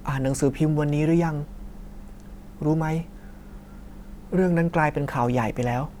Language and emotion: Thai, sad